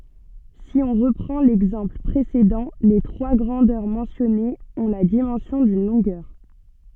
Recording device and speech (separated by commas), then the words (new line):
soft in-ear microphone, read sentence
Si on reprend l'exemple précédent, les trois grandeurs mentionnées ont la dimension d'une longueur.